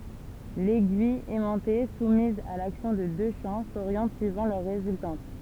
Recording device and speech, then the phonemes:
temple vibration pickup, read sentence
lɛɡyij ɛmɑ̃te sumiz a laksjɔ̃ də dø ʃɑ̃ soʁjɑ̃t syivɑ̃ lœʁ ʁezyltɑ̃t

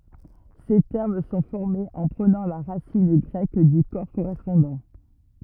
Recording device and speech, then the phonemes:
rigid in-ear microphone, read sentence
se tɛʁm sɔ̃ fɔʁmez ɑ̃ pʁənɑ̃ la ʁasin ɡʁɛk dy kɔʁ koʁɛspɔ̃dɑ̃

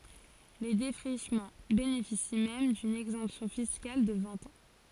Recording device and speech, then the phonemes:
forehead accelerometer, read sentence
le defʁiʃmɑ̃ benefisi mɛm dyn ɛɡzɑ̃psjɔ̃ fiskal də vɛ̃t ɑ̃

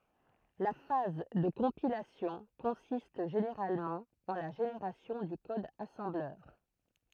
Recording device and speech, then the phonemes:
throat microphone, read sentence
la faz də kɔ̃pilasjɔ̃ kɔ̃sist ʒeneʁalmɑ̃ ɑ̃ la ʒeneʁasjɔ̃ dy kɔd asɑ̃blœʁ

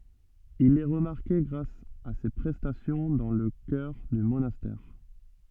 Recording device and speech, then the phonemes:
soft in-ear microphone, read sentence
il ɛ ʁəmaʁke ɡʁas a se pʁɛstasjɔ̃ dɑ̃ lə kœʁ dy monastɛʁ

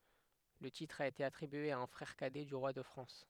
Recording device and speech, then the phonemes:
headset microphone, read sentence
lə titʁ a ete atʁibye a œ̃ fʁɛʁ kadɛ dy ʁwa də fʁɑ̃s

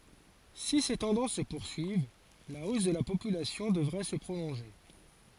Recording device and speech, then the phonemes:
forehead accelerometer, read sentence
si se tɑ̃dɑ̃s sə puʁsyiv la os də la popylasjɔ̃ dəvʁɛ sə pʁolɔ̃ʒe

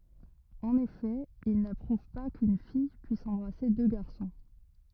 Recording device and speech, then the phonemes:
rigid in-ear microphone, read sentence
ɑ̃n efɛ il napʁuv pa kyn fij pyis ɑ̃bʁase dø ɡaʁsɔ̃

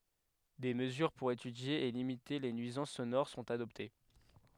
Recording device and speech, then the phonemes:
headset microphone, read sentence
de məzyʁ puʁ etydje e limite le nyizɑ̃s sonoʁ sɔ̃t adɔpte

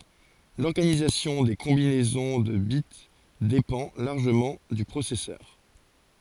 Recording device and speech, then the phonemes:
forehead accelerometer, read sentence
lɔʁɡanizasjɔ̃ de kɔ̃binɛzɔ̃ də bit depɑ̃ laʁʒəmɑ̃ dy pʁosɛsœʁ

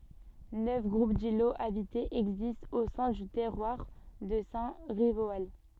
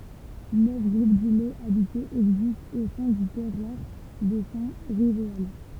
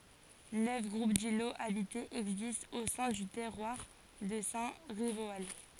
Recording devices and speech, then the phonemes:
soft in-ear microphone, temple vibration pickup, forehead accelerometer, read sentence
nœf ɡʁup diloz abitez ɛɡzistt o sɛ̃ dy tɛʁwaʁ də sɛ̃ ʁivoal

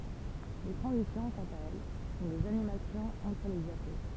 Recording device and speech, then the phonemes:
temple vibration pickup, read sentence
le tʁɑ̃zisjɔ̃ kɑ̃t a ɛl sɔ̃ dez animasjɔ̃z ɑ̃tʁ le djapo

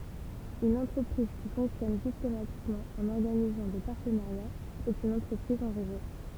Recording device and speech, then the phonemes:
temple vibration pickup, read sentence
yn ɑ̃tʁəpʁiz ki fɔ̃ksjɔn sistematikmɑ̃ ɑ̃n ɔʁɡanizɑ̃ de paʁtənaʁjaz ɛt yn ɑ̃tʁəpʁiz ɑ̃ ʁezo

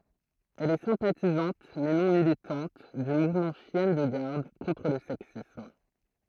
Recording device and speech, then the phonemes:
throat microphone, read sentence
ɛl ɛ sɛ̃patizɑ̃t mɛ nɔ̃ militɑ̃t dy muvmɑ̃ ʃjɛn də ɡaʁd kɔ̃tʁ lə sɛksism

